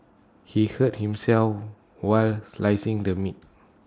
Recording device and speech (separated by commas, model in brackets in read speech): standing microphone (AKG C214), read sentence